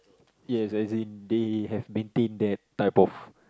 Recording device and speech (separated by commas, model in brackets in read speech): close-talking microphone, conversation in the same room